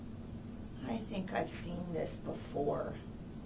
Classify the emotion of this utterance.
sad